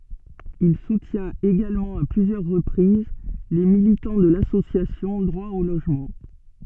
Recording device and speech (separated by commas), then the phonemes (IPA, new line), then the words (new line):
soft in-ear microphone, read sentence
il sutjɛ̃t eɡalmɑ̃ a plyzjœʁ ʁəpʁiz le militɑ̃ də lasosjasjɔ̃ dʁwa o loʒmɑ̃
Il soutient également à plusieurs reprises les militants de l'association Droit au logement.